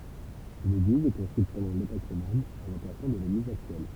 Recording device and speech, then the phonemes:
temple vibration pickup, read sentence
yn eɡliz ɛ kɔ̃stʁyit pɑ̃dɑ̃ lepok ʁoman a lɑ̃plasmɑ̃ də leɡliz aktyɛl

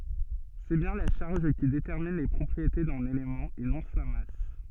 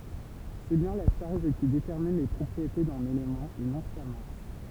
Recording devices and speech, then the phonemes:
soft in-ear microphone, temple vibration pickup, read sentence
sɛ bjɛ̃ la ʃaʁʒ ki detɛʁmin le pʁɔpʁiete dœ̃n elemɑ̃ e nɔ̃ sa mas

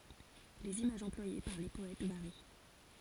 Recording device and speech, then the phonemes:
forehead accelerometer, read sentence
lez imaʒz ɑ̃plwaje paʁ le pɔɛt vaʁi

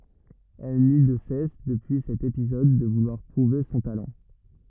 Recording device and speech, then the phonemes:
rigid in-ear microphone, read sentence
ɛl ny də sɛs dəpyi sɛt epizɔd də vulwaʁ pʁuve sɔ̃ talɑ̃

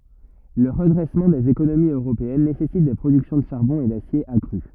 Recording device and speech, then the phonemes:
rigid in-ear microphone, read sentence
lə ʁədʁɛsmɑ̃ dez ekonomiz øʁopeɛn nesɛsit de pʁodyksjɔ̃ də ʃaʁbɔ̃ e dasje akʁy

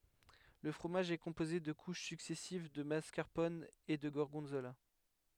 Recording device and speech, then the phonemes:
headset microphone, read sentence
lə fʁomaʒ ɛ kɔ̃poze də kuʃ syksɛsiv də maskaʁpɔn e də ɡɔʁɡɔ̃zola

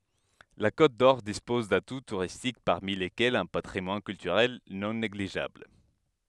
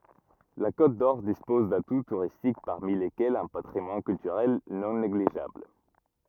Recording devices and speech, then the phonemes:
headset microphone, rigid in-ear microphone, read sentence
la kotdɔʁ dispɔz datu tuʁistik paʁmi lekɛlz œ̃ patʁimwan kyltyʁɛl nɔ̃ neɡliʒabl

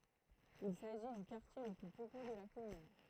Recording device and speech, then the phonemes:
throat microphone, read sentence
il saʒi dy kaʁtje lə ply pøple də la kɔmyn

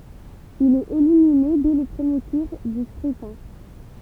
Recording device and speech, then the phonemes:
temple vibration pickup, read sentence
il ɛt elimine dɛ lə pʁəmje tuʁ dy skʁytɛ̃

